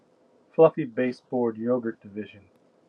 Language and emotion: English, sad